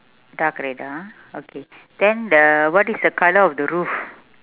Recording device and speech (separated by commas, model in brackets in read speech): telephone, conversation in separate rooms